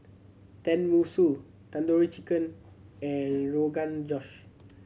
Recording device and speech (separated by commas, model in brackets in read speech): mobile phone (Samsung C7100), read sentence